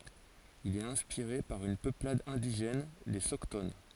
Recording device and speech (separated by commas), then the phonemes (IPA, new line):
forehead accelerometer, read sentence
il ɛt ɛ̃spiʁe paʁ yn pøplad ɛ̃diʒɛn le sɔkton